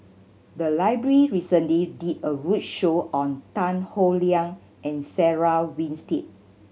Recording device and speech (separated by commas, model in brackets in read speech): mobile phone (Samsung C7100), read sentence